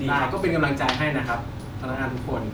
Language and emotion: Thai, neutral